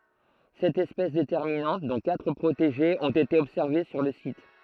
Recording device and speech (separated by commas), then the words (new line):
throat microphone, read sentence
Sept espèces déterminantes, dont quatre protégées, ont été observées sur le site.